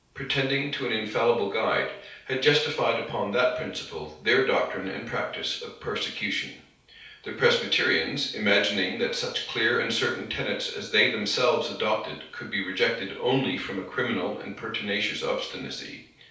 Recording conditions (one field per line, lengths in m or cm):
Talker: one person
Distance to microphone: 3.0 m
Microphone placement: far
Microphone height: 1.8 m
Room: small (3.7 m by 2.7 m)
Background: none